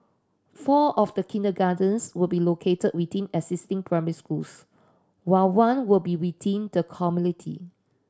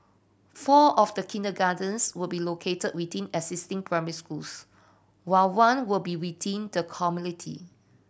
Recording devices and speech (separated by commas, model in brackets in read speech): standing microphone (AKG C214), boundary microphone (BM630), read sentence